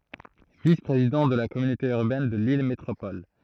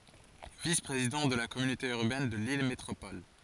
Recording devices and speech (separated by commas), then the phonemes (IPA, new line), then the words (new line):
throat microphone, forehead accelerometer, read sentence
vis pʁezidɑ̃ də la kɔmynote yʁbɛn də lil metʁopɔl
Vice-Président de la communauté urbaine de Lille Métropole.